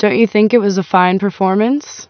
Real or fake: real